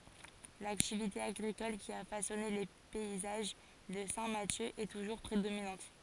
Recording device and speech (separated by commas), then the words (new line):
forehead accelerometer, read sentence
L'activité agricole qui a façonné les paysages de Saint-Mathieu est toujours prédominante.